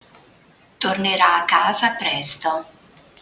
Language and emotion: Italian, neutral